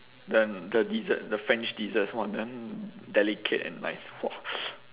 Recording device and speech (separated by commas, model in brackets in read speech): telephone, conversation in separate rooms